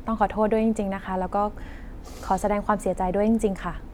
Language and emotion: Thai, neutral